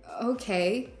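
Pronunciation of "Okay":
'Okay' is said in an insecure tone.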